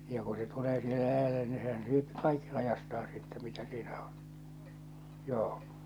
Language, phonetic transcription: Finnish, ja ku se 'tulee sihe 'läjälle ni sehän syöpi 'kaikki 'lajastaan̬ sittɛ mitä siinä ᴏɴ , 'joo .
- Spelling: ja kun se tulee siihen läjälle niin sehän syö kaikki laidastaan sitten mitä siinä on joo

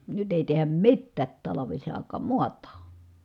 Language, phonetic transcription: Finnish, nyt èi tehäm mittäät talavis₍ài̮k̀aam muat̀aa .
- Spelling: nyt ei tehdä mitään talvisaikaan maataan

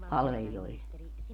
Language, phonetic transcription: Finnish, 'palveli₍oille .
- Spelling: palvelijoille

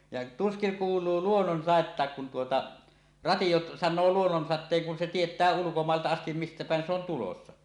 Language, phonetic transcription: Finnish, ja 'tuskiŋ 'kuul̀uu "luonnonsàettàek kun tuota , 'ratiʲo "san̆noo 'luonnonsat̆teeŋ kun se "tiet̀ää 'ulukomàelta astim 'mistä pä̀en se ‿on tulossa .
- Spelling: ja tuskin kuuluu luonnonsadettakaan kun tuota radio sanoo luonnonsateen kun se tietää ulkomailta asti mistä päin se on tulossa

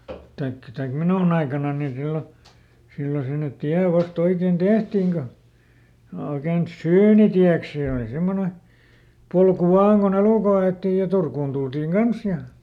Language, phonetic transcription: Finnish, taikkᵃ ˈtaik "minùn ‿aikananni ˈsillo , ˈsillo sinnet̆ ˈtiä ˈvasˈt ‿oiken "tehtìŋ ko , oiken "syynitiäks ˈsè òli ˈsemmone , ˈpolku "vaan kuˈn ‿elùkoⁱ a₍ettij ja ˈTurkun DulDiŋ "Gans ja ,.
- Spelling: tai tai minun aikanani silloin silloin sinne tie vasta oikein tehtiin kun oikein syynitieksi se oli semmoinen polku vain kun elukoita alettiin ja Turkuun tultiin kanssa ja

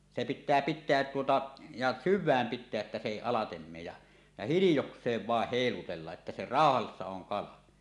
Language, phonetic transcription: Finnish, se pit̆tää "pit̆teät tuota , ja "syv̆vääm 'pit̆teäˀ ˀettä se 'èi "alatem 'meej ja , ja hilijoks̀eev vàeh 'hèilutellaˀ ˀettä se "ràohassa oŋ 'kala .
- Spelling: se pitää pitää tuota ja syvään pitää että se ei alitse mene ja ja hiljakseen vain heilutella että se rauhassa on kala

